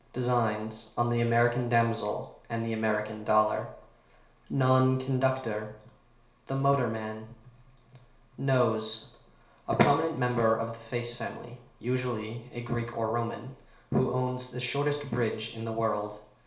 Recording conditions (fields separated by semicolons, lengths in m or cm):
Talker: one person; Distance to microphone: 1.0 m; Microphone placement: close; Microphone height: 1.1 m; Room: small (3.7 m by 2.7 m); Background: none